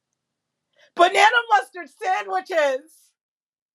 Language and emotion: English, surprised